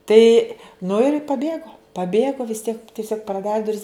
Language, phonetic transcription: Lithuanian, ˈtai nu ir paˈbėgo paˈbėgo vis tiek tiˈsiog praˈdari duˈris

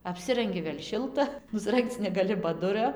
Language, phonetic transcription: Lithuanian, apˈsirangi vėl' ˈšilta nusˈrangc negaˈli ba ˈduria

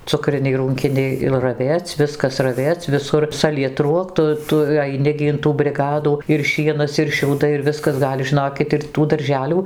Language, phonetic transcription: Lithuanian, ˈcukriniai ˈrūnkiniai ir raˈvėc' ˈviskas raˈvėc' viˈsur salieˈtruok ˈtu ˈtu aiˈni gi in ˈtų briˈgadų ir ˈšienas ir šiauˈdai ir ˈviskas ˈgal' žiˈnokit ir tų darˈželių

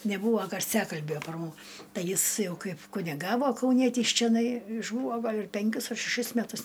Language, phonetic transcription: Lithuanian, neˈbūvo garˈsiakalbio par mu ˈtai ˈjis ˈjau ˈkaip kuniˈgavo kauˈnietys čeˈnai išˈbūvo ˈgal' ir ˈpenkius ar šeˈšis meˈtus

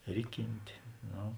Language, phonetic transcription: Lithuanian, ˈriˌkintė ˈno

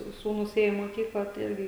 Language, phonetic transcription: Lithuanian, ˈsūnūs ˈėjo į moˈkyklą tai ˈirgi

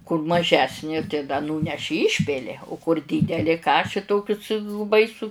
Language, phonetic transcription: Lithuanian, kur maˈžesnė tai da ˈnūneši ˈyšpili u kur ˈdydeli ˈkaši ˈtokius baiˈsu

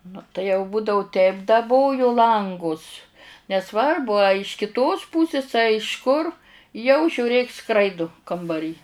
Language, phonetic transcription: Lithuanian, nu tai jau ˈbūdavu 'teip daˈboju ˈlangus neˈsvarbu a iš kiˈtos ˈpūsis a iš 'kur jau žiūˈrėk ˈskraidu kambaˈry

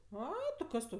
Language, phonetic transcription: Lithuanian, ˈai ti ˈkas tau

